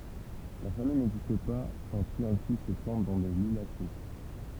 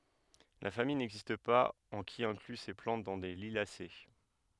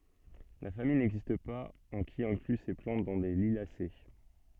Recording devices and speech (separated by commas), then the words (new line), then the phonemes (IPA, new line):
temple vibration pickup, headset microphone, soft in-ear microphone, read sentence
La famille n'existe pas en qui inclut ces plantes dans les Liliacées.
la famij nɛɡzist paz ɑ̃ ki ɛ̃kly se plɑ̃t dɑ̃ le liljase